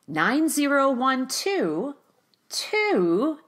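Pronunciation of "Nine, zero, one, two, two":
The voice really goes up on 'nine, zero, one, two'.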